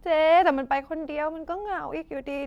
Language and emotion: Thai, sad